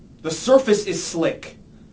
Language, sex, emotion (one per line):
English
male
angry